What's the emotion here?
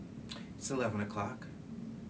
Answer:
neutral